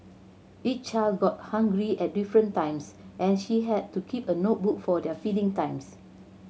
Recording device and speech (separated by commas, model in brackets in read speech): mobile phone (Samsung C7100), read sentence